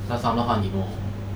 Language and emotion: Thai, neutral